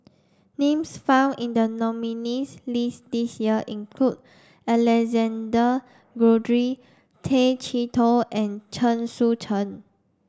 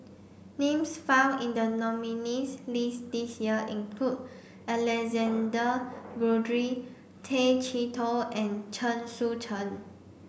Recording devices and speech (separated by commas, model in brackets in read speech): standing microphone (AKG C214), boundary microphone (BM630), read sentence